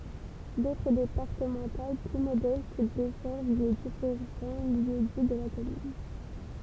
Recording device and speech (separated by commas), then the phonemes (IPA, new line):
temple vibration pickup, read sentence
dotʁ depaʁtəmɑ̃tal ply modɛst dɛsɛʁv le difeʁɑ̃ ljø di də la kɔmyn